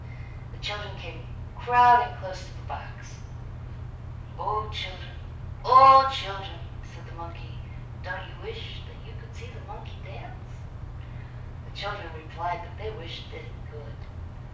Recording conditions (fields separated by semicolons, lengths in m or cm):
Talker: one person; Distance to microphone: 5.8 m; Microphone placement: far; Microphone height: 1.8 m; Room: medium-sized (5.7 m by 4.0 m); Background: none